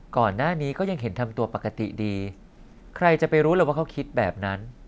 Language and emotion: Thai, neutral